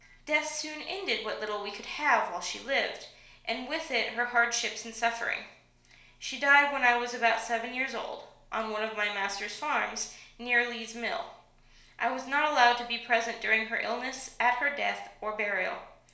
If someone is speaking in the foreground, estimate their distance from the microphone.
1.0 m.